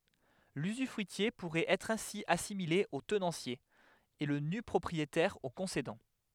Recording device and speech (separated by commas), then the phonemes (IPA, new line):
headset microphone, read sentence
lyzyfʁyitje puʁɛt ɛtʁ ɛ̃si asimile o tənɑ̃sje e lə nypʁɔpʁietɛʁ o kɔ̃sedɑ̃